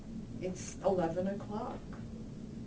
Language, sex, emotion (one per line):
English
female
neutral